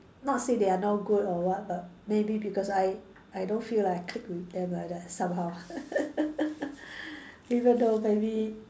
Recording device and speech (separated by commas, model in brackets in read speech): standing microphone, conversation in separate rooms